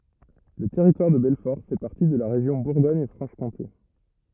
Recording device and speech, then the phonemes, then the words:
rigid in-ear microphone, read sentence
lə tɛʁitwaʁ də bɛlfɔʁ fɛ paʁti də la ʁeʒjɔ̃ buʁɡɔɲ fʁɑ̃ʃ kɔ̃te
Le Territoire de Belfort fait partie de la région Bourgogne-Franche-Comté.

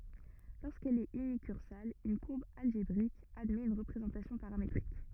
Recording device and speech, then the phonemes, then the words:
rigid in-ear microphone, read sentence
loʁskɛl ɛt ynikyʁsal yn kuʁb alʒebʁik admɛt yn ʁəpʁezɑ̃tasjɔ̃ paʁametʁik
Lorsqu'elle est unicursale, une courbe algébrique admet une représentation paramétrique.

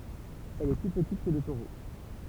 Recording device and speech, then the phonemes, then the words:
temple vibration pickup, read sentence
ɛl ɛ ply pətit kə lə toʁo
Elle est plus petite que le taureau.

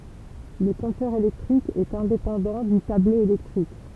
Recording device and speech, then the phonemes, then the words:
temple vibration pickup, read sentence
lə kɔ̃tœʁ elɛktʁik ɛt ɛ̃depɑ̃dɑ̃ dy tablo elɛktʁik
Le compteur électrique est indépendant du tableau électrique.

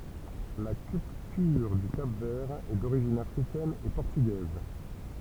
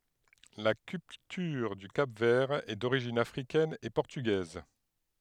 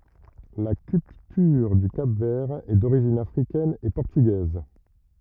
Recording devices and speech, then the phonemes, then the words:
temple vibration pickup, headset microphone, rigid in-ear microphone, read sentence
la kyltyʁ dy kap vɛʁ ɛ doʁiʒin afʁikɛn e pɔʁtyɡɛz
La culture du Cap-Vert est d’origine africaine et portugaise.

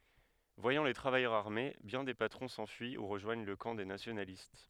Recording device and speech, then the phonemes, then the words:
headset microphone, read sentence
vwajɑ̃ le tʁavajœʁz aʁme bjɛ̃ de patʁɔ̃ sɑ̃fyi u ʁəʒwaɲ lə kɑ̃ de nasjonalist
Voyant les travailleurs armés, bien des patrons s'enfuient ou rejoignent le camp des nationalistes.

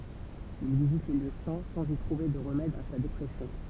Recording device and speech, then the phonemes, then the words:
temple vibration pickup, read sentence
il vizit le ljø sɛ̃ sɑ̃z i tʁuve də ʁəmɛd a sa depʁɛsjɔ̃
Il visite les lieux saints, sans y trouver de remède à sa dépression.

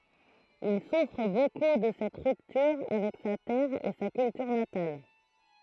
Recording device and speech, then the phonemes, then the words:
throat microphone, read sentence
il sufʁ boku də sɛt ʁyptyʁ avɛk sa tɛʁ e sa kyltyʁ natal
Il souffre beaucoup de cette rupture avec sa terre et sa culture natale.

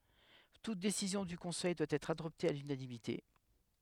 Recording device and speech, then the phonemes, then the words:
headset microphone, read sentence
tut desizjɔ̃ dy kɔ̃sɛj dwa ɛtʁ adɔpte a lynanimite
Toute décision du Conseil doit être adoptée à l'unanimité.

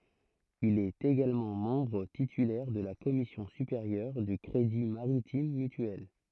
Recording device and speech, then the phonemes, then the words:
throat microphone, read sentence
il ɛt eɡalmɑ̃ mɑ̃bʁ titylɛʁ də la kɔmisjɔ̃ sypeʁjœʁ dy kʁedi maʁitim mytyɛl
Il est également membre titulaire de la commission supérieure du crédit maritime mutuel.

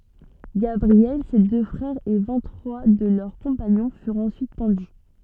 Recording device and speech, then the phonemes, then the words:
soft in-ear microphone, read sentence
ɡabʁiɛl se dø fʁɛʁz e vɛ̃t tʁwa də lœʁ kɔ̃paɲɔ̃ fyʁt ɑ̃syit pɑ̃dy
Gabriel, ses deux frères et vingt trois de leurs compagnons furent ensuite pendus.

